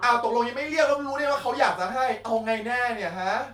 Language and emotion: Thai, angry